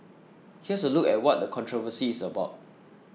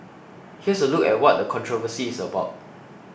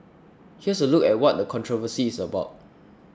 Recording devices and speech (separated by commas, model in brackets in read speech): mobile phone (iPhone 6), boundary microphone (BM630), standing microphone (AKG C214), read sentence